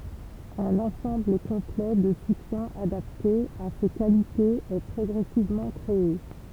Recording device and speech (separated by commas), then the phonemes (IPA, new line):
temple vibration pickup, read sentence
œ̃n ɑ̃sɑ̃bl kɔ̃plɛ də sutjɛ̃z adapte a se kalitez ɛ pʁɔɡʁɛsivmɑ̃ kʁee